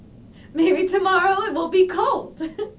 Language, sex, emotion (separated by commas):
English, female, happy